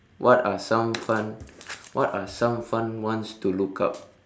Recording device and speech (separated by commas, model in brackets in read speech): standing microphone, conversation in separate rooms